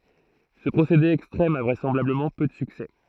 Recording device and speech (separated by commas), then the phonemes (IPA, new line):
throat microphone, read sentence
sə pʁosede ɛkstʁɛm a vʁɛsɑ̃blabləmɑ̃ pø də syksɛ